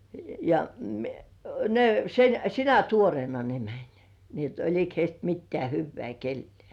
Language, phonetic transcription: Finnish, ja , 'ne sen "sinä 'tuorĭèna ne 'mäń , ni ‿et "olik heist 'mittĕä̀§ hyvvĕä̀ 'kellĭè .
- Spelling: ja ne sen sinä tuoreena ne meni niin että oliko heistä mitään hyvää kenellekään

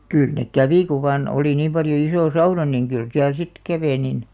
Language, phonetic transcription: Finnish, 'kỳl nek "kävi ku vaan , 'oli niim paljo 'isò "sauna niŋ 'kyl 'siäl sit , "kävè nin .
- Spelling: kyllä ne kävi kun vain oli niin paljon iso sauna niin kyllä siellä sitten kävi niin

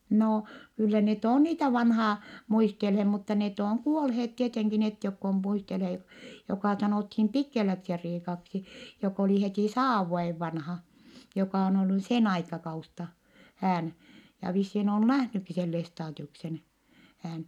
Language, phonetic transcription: Finnish, noo , kyllä net òn niitä vanhaa , muistelhe , mutta net ooŋ kuolheet tieteŋki net jokk ‿om muistelhe (jo-) , jokà sanòthim Pikkeläksi-Riikaksi , jok ‿oli hetì saav vuojev vanha , jokà on ollu sen aikakaus- -ta , hään , ja vissiin ‿on nähnykki sen Lestaadiuksen , hään .
- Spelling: no kyllä ne on niitä vanhaa muistelleet mutta ne on kuolleet tietenkin ne jotka on muistelleet jo joka sanottiin Pikkeläksi-Riikaksi joka oli heti sadan vuoden vanha joka on ollut sen - aikakautta hän ja vissiin on nähnytkin sen Lestadiuksen hän

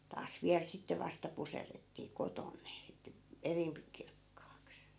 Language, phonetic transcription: Finnish, taas 'viäl sitte 'vasta 'puserrettii "koton ne , sit , 'erimpi kirkkaaks .
- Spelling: taas vielä sitten vasta puserrettiin kotona ne sitten erimpi kirkkaaksi

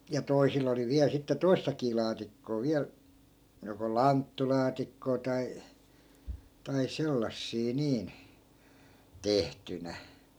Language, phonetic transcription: Finnish, ja 'toisil ‿oli viäl 'sitte "toistakii 'laatikkoo viäl , joko "lanttulaatikkoo tai , tai 'sellassii 'niin , "tehtynä .
- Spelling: ja toisilla oli vielä sitten toistakin laatikkoa vielä joko lanttulaatikkoa tai tai sellaisia niin tehtynä

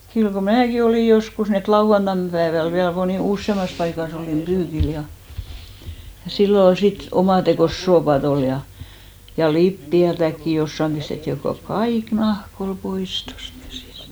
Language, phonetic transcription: Finnish, kyl ko 'määki olì 'joskus ni et "lauʷantan pääväl 'viäl monì- , 'ussemas paika's ‿olìm "ʙyykil ja , ja sillo 'ol 'si't ‿omàtekòs 'soopat ‿ol ja , ja "lippi₍ätäkki 'jossam pistetti , ko "kaik "nahk ‿ol 'pois tost käsìst .
- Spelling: kyllä kun minäkin olin joskus niin että lauantaina päivällä vielä - useammassa paikassa olin pyykillä ja ja silloin oli sitä omatekoista suopaa oli ja ja lipeätäkin jossakin pistettiin kun kaikki nahka oli pois tuosta käsistä

